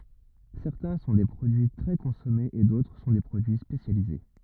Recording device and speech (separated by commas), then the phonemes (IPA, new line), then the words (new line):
rigid in-ear microphone, read sentence
sɛʁtɛ̃ sɔ̃ de pʁodyi tʁɛ kɔ̃sɔmez e dotʁ sɔ̃ de pʁodyi spesjalize
Certains sont des produits très consommés et d'autres sont des produits spécialisés.